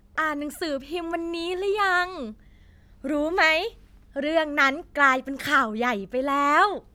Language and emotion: Thai, happy